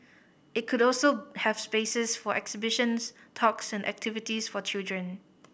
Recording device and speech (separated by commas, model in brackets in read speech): boundary microphone (BM630), read sentence